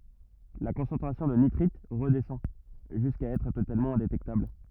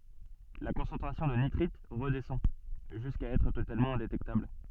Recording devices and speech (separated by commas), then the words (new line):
rigid in-ear microphone, soft in-ear microphone, read sentence
La concentration de nitrites redescend jusqu'à être totalement indétectable.